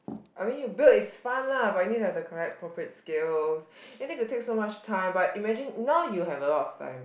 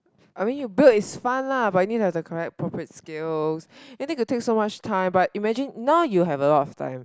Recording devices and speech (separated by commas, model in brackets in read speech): boundary microphone, close-talking microphone, conversation in the same room